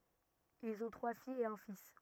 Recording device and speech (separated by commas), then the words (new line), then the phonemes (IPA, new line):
rigid in-ear microphone, read sentence
Ils ont trois filles et un fils.
ilz ɔ̃ tʁwa fijz e œ̃ fis